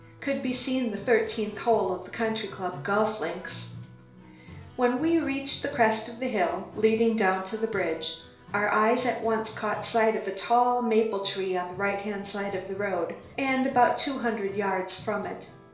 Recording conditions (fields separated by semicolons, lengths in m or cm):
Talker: one person; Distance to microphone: 1.0 m; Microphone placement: close; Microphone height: 1.1 m; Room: small (3.7 m by 2.7 m); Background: music